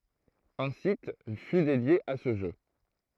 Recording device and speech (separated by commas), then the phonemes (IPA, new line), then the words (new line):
throat microphone, read sentence
œ̃ sit fy dedje a sə ʒø
Un site fut dédié à ce jeu.